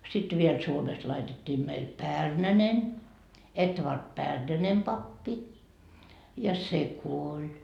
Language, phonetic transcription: Finnish, 'sit viel 'Suomest laitettii meil "Pärnänen , 'Etvard "Pärnänem pappi , ja "se 'kuoĺ .
- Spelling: sitten vielä Suomesta laitettiin meille Pärnänen Edvard Pärnänen pappi ja se kuoli

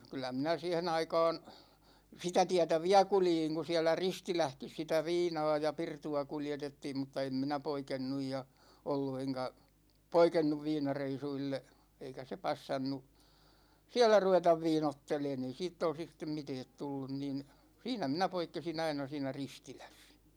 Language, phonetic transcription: Finnish, 'kyl̆lä minä 'siihe'n ‿aika̭a̭n , 'sitä 'tiätä "viä 'kuljiŋ ku 'siälä "Ristilähkis sitä "viinaa ja "pirtu₍a 'kuljetettiim mutta 'em minä "poikennuj ja , 'ollu eŋka̳§ , "poikennuv 'viinareisuille , 'eikä se 'passannu , "siä̭l̆lä 'ruvetav 'viinotteleen ‿ei 'siitt ‿olsis stem "mitɛɛt 'tullun nin , 'siinä 'minä 'poikkesi'n ‿aina 'siinä "Ristiläs .
- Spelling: kyllä minä siihen aikaan sitä tietä vielä kuljin kun siellä Ristilässäkin sitä viinaa ja pirtua kuljetettiin mutta en minä poikennut ja ollut enkä poikennut viinareissuille eikä se passannut siellä ruveta viinoittelemaan ei siitä olisi sitten mitään tullut niin siinä minä poikkesin aina siinä Ristilässä

